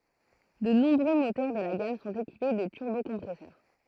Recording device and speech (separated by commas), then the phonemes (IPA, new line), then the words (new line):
throat microphone, read sentence
də nɔ̃bʁø motœʁ də la ɡam sɔ̃t ekipe də tyʁbokɔ̃pʁɛsœʁ
De nombreux moteurs de la gamme sont équipés de turbocompresseur.